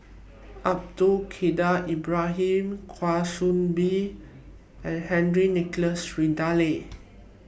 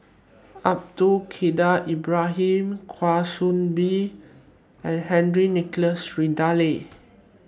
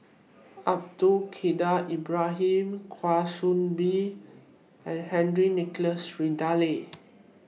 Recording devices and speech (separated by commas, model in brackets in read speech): boundary microphone (BM630), standing microphone (AKG C214), mobile phone (iPhone 6), read sentence